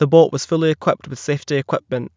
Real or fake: real